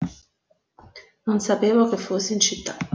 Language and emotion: Italian, neutral